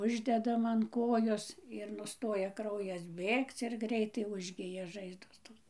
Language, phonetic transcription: Lithuanian, ˈuždedam an ˈkojos ir ˈnustoja ˈkraujas ˈbėgc ir ˈgreitai ˈužgija ˈžaizdos ˈtos

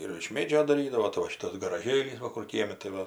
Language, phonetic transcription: Lithuanian, ir iš ˈmėdžio daˈrydavo tai va ˈšitas garaˈžėlys ˈva ˈkur ˈkiemi tai ˈva

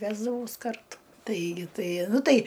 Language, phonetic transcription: Lithuanian, ˈvesdavaus ˈkartu ˈtaigi ˈtai ˈnu ˈtai

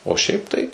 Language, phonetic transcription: Lithuanian, o ˈšiaip tai

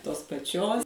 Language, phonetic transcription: Lithuanian, tos paˈčios

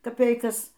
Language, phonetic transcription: Lithuanian, kaˈpeikas

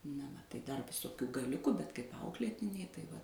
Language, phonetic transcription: Lithuanian, na va tai ˈdar viˈsokių gaˈliuku bet kaip ˈauklėtiniai tai ˈva

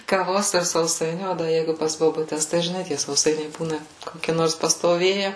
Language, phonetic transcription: Lithuanian, kaˈvos ir sauˈsainių ˈo da ˈjeigu pas bobuˈtes tai žiˈnai tie sauˈsainiai ˈbūna koˈki ˈnors pastoˈvėje

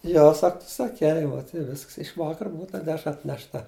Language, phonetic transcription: Lithuanian, ˈjo ˈsak tu saˈkei vot i ˈvisks iš ˈvakar ˈbuu ta ˈdešra atnešˈta

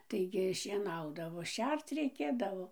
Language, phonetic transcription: Lithuanian, ˈtaigi šieˈnaudavo ˈšerc reiˈkėdavo

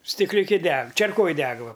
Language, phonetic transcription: Lithuanian, stikliuˈki ˈdeg čerˈkoj ˈdeg ˈva

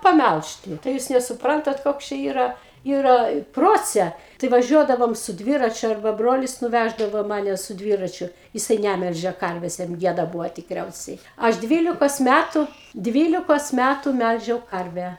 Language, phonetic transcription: Lithuanian, paˈmælžti tai ˈjūs nesuˈprantat ˈkoks čia ˈyra ˈyra ˈprocia tai vaˈžiuodavom su ˈdviračiu arˈba ˈbrolis nuˈvæždavo ˈmane su ˈdvyračiu jiˈsai ˈnæmelžė ˈkarvės jam ˈgieda ˈbūvo tikˈriausiai ˈaš ˈdvylikos mætu ˈdvylikos ˈmætu ˈmælžiau ˈkarvę

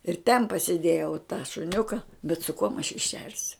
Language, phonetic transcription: Lithuanian, ir ten pasiˈdėjau tą šuˈniuka bet su kuom aš jį ˈšersiu

